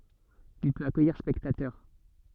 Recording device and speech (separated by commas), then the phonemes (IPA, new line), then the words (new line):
soft in-ear microphone, read sentence
il pøt akœjiʁ spɛktatœʁ
Il peut accueillir spectateurs.